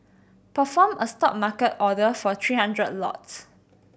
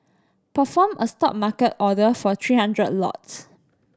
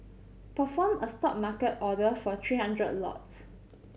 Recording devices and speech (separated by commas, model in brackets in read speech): boundary microphone (BM630), standing microphone (AKG C214), mobile phone (Samsung C7100), read sentence